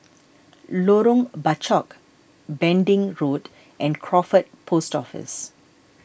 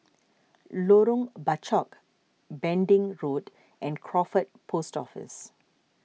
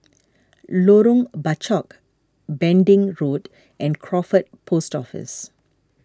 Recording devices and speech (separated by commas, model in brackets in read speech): boundary microphone (BM630), mobile phone (iPhone 6), standing microphone (AKG C214), read sentence